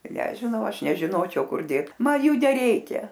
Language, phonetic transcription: Lithuanian, nežiˈnau ˈaš nežiˈnočiau ˈkur ˈdėt ˈman ˈjų neˈreikia

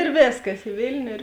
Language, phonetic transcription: Lithuanian, ėr ˈvėskas i ˈvėlniu ir

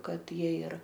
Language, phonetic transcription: Lithuanian, ˈkad ˈjie ir

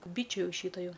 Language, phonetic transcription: Lithuanian, ˈbyčiu ˈjau ˈšyto ˈjau

